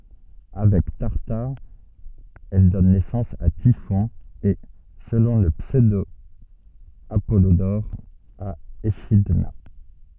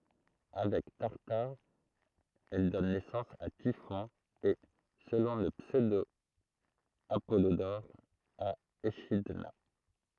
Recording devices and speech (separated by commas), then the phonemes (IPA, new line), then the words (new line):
soft in-ear microphone, throat microphone, read sentence
avɛk taʁtaʁ ɛl dɔn nɛsɑ̃s a tifɔ̃ e səlɔ̃ lə psødo apɔlodɔʁ a eʃidna
Avec Tartare, elle donne naissance à Typhon et, selon le pseudo-Apollodore, à Échidna.